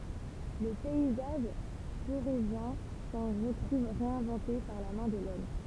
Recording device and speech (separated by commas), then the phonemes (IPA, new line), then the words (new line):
temple vibration pickup, read sentence
lə pɛizaʒ foʁezjɛ̃ sɑ̃ ʁətʁuv ʁeɛ̃vɑ̃te paʁ la mɛ̃ də lɔm
Le paysage forézien s'en retrouve réinventé par la main de l'homme.